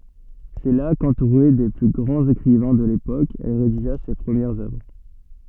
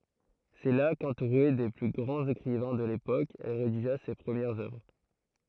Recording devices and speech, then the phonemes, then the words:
soft in-ear microphone, throat microphone, read sentence
sɛ la kɑ̃tuʁe de ply ɡʁɑ̃z ekʁivɛ̃ də lepok ɛl ʁediʒa se pʁəmjɛʁz œvʁ
C’est là, qu’entourée des plus grands écrivains de l’époque, elle rédigea ses premières œuvres.

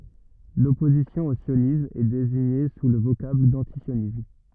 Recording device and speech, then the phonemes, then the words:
rigid in-ear microphone, read sentence
lɔpozisjɔ̃ o sjonism ɛ deziɲe su lə vokabl dɑ̃tisjonism
L'opposition au sionisme est désignée sous le vocable d'antisionisme.

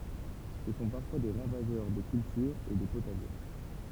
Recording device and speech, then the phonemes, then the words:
temple vibration pickup, read sentence
sə sɔ̃ paʁfwa de ʁavaʒœʁ de kyltyʁz e de potaʒe
Ce sont parfois des ravageurs des cultures et des potagers.

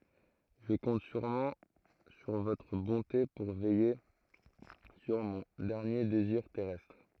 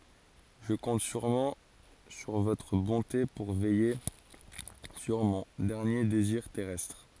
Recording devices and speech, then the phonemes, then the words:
throat microphone, forehead accelerometer, read sentence
ʒə kɔ̃t syʁmɑ̃ syʁ votʁ bɔ̃te puʁ vɛje syʁ mɔ̃ dɛʁnje deziʁ tɛʁɛstʁ
Je compte sûrement sur votre bonté pour veiller sur mon dernier désir terrestre.

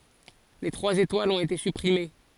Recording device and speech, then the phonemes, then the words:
forehead accelerometer, read sentence
le tʁwaz etwalz ɔ̃t ete sypʁime
Les trois étoiles ont été supprimées.

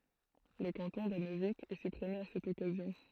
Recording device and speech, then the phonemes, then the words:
throat microphone, read sentence
lə kɑ̃tɔ̃ də nøvik ɛ sypʁime a sɛt ɔkazjɔ̃
Le canton de Neuvic est supprimé à cette occasion.

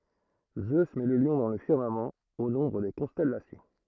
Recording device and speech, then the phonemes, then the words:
throat microphone, read sentence
zø mɛ lə ljɔ̃ dɑ̃ lə fiʁmamɑ̃ o nɔ̃bʁ de kɔ̃stɛlasjɔ̃
Zeus met le lion dans le firmament, au nombre des constellations.

